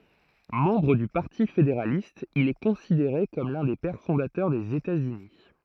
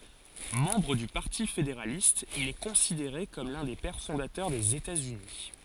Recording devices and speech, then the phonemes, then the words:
throat microphone, forehead accelerometer, read sentence
mɑ̃bʁ dy paʁti fedeʁalist il ɛ kɔ̃sideʁe kɔm lœ̃ de pɛʁ fɔ̃datœʁ dez etatsyni
Membre du Parti fédéraliste, il est considéré comme l'un des Pères fondateurs des États-Unis.

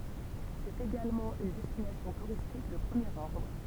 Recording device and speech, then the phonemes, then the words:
temple vibration pickup, read sentence
sɛt eɡalmɑ̃ yn dɛstinasjɔ̃ tuʁistik də pʁəmjeʁ ɔʁdʁ
C'est également une destination touristique de premier ordre.

